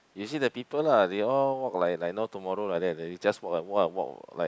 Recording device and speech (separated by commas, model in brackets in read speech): close-talking microphone, conversation in the same room